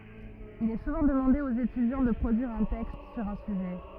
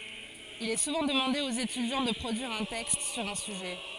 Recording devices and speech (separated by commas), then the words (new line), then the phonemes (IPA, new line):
rigid in-ear microphone, forehead accelerometer, read sentence
Il est souvent demandé aux étudiants de produire un texte sur un sujet.
il ɛ suvɑ̃ dəmɑ̃de oz etydjɑ̃ də pʁodyiʁ œ̃ tɛkst syʁ œ̃ syʒɛ